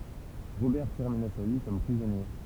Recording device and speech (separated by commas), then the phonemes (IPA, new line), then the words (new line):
temple vibration pickup, read sentence
ʁobɛʁ tɛʁmina sa vi kɔm pʁizɔnje
Robert termina sa vie comme prisonnier.